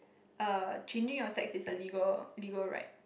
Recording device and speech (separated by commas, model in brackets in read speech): boundary microphone, conversation in the same room